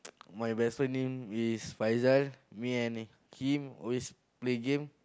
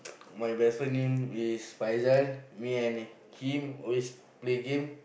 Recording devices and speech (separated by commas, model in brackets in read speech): close-talking microphone, boundary microphone, conversation in the same room